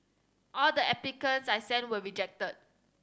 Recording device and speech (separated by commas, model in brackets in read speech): standing microphone (AKG C214), read sentence